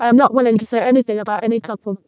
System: VC, vocoder